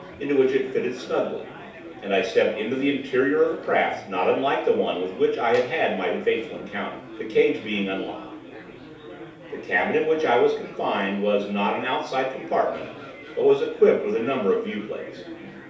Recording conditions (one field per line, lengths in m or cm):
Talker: one person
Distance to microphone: 3.0 m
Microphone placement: far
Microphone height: 1.8 m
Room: small (3.7 m by 2.7 m)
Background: babble